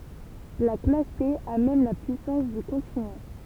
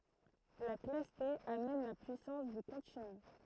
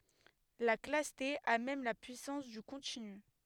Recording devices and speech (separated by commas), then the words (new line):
temple vibration pickup, throat microphone, headset microphone, read sentence
La classe T a même la puissance du continu.